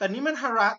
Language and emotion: Thai, neutral